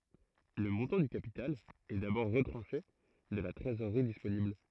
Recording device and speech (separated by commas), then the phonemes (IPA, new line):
throat microphone, read sentence
lə mɔ̃tɑ̃ dy kapital ɛ dabɔʁ ʁətʁɑ̃ʃe də la tʁezoʁʁi disponibl